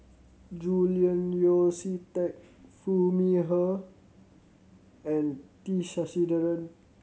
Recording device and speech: mobile phone (Samsung C7100), read sentence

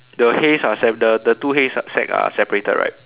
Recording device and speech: telephone, conversation in separate rooms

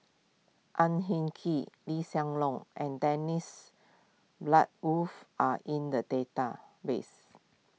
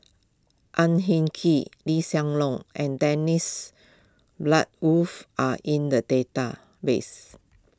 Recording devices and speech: mobile phone (iPhone 6), close-talking microphone (WH20), read sentence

